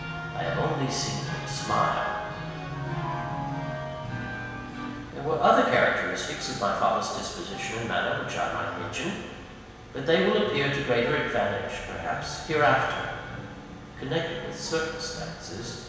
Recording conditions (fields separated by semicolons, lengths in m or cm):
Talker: one person; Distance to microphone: 1.7 m; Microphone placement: close; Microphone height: 1.0 m; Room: very reverberant, large; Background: music